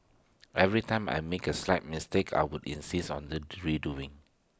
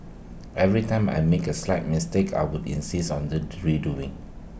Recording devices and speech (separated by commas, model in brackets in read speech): standing microphone (AKG C214), boundary microphone (BM630), read sentence